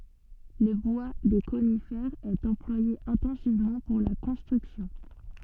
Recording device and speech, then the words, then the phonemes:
soft in-ear microphone, read sentence
Le bois des conifères est employé intensivement pour la construction.
lə bwa de konifɛʁz ɛt ɑ̃plwaje ɛ̃tɑ̃sivmɑ̃ puʁ la kɔ̃stʁyksjɔ̃

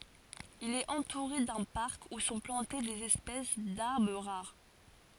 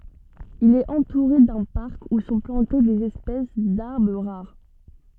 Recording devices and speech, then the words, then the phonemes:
forehead accelerometer, soft in-ear microphone, read sentence
Il est entouré d'un parc où sont plantées des espèces d'arbre rares.
il ɛt ɑ̃tuʁe dœ̃ paʁk u sɔ̃ plɑ̃te dez ɛspɛs daʁbʁ ʁaʁ

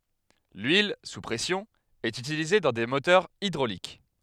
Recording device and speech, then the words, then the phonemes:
headset microphone, read sentence
L'huile sous pression est utilisée dans des moteurs hydrauliques.
lyil su pʁɛsjɔ̃ ɛt ytilize dɑ̃ de motœʁz idʁolik

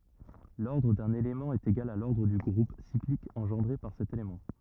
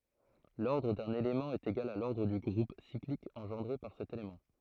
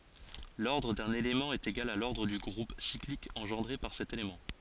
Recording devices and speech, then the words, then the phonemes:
rigid in-ear microphone, throat microphone, forehead accelerometer, read sentence
L'ordre d'un élément est égal à l'ordre du groupe cyclique engendré par cet élément.
lɔʁdʁ dœ̃n elemɑ̃ ɛt eɡal a lɔʁdʁ dy ɡʁup siklik ɑ̃ʒɑ̃dʁe paʁ sɛt elemɑ̃

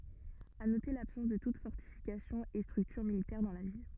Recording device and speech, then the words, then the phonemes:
rigid in-ear microphone, read sentence
À noter l’absence de toute fortification et structure militaire dans la ville.
a note labsɑ̃s də tut fɔʁtifikasjɔ̃ e stʁyktyʁ militɛʁ dɑ̃ la vil

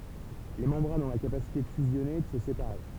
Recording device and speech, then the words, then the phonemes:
temple vibration pickup, read sentence
Les membranes ont la capacité de fusionner et de se séparer.
le mɑ̃bʁanz ɔ̃ la kapasite də fyzjɔne e də sə sepaʁe

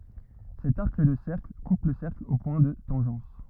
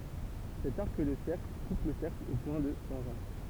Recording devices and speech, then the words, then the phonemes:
rigid in-ear microphone, temple vibration pickup, read sentence
Cet arc de cercle coupe le cercle aux points de tangence.
sɛt aʁk də sɛʁkl kup lə sɛʁkl o pwɛ̃ də tɑ̃ʒɑ̃s

